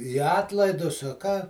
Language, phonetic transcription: Lithuanian, i ˈatlaidus a ˈką

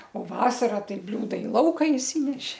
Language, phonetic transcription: Lithuanian, o ˈvasara ˈtai ˈbliūda i ˈlauka išˈsyneši

